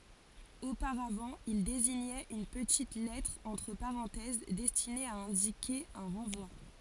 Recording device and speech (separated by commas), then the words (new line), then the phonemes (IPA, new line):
forehead accelerometer, read sentence
Auparavant, il désignait une petite lettre entre parenthèses destinée à indiquer un renvoi.
opaʁavɑ̃ il deziɲɛt yn pətit lɛtʁ ɑ̃tʁ paʁɑ̃tɛz dɛstine a ɛ̃dike œ̃ ʁɑ̃vwa